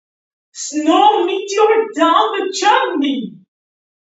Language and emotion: English, happy